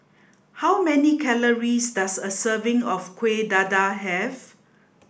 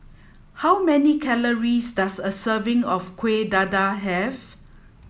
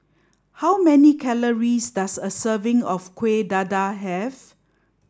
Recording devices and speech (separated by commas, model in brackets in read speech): boundary microphone (BM630), mobile phone (iPhone 7), standing microphone (AKG C214), read sentence